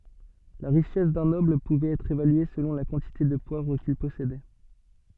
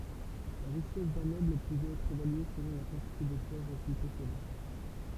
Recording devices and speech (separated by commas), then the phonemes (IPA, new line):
soft in-ear microphone, temple vibration pickup, read sentence
la ʁiʃɛs dœ̃ nɔbl puvɛt ɛtʁ evalye səlɔ̃ la kɑ̃tite də pwavʁ kil pɔsedɛ